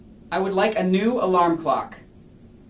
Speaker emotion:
angry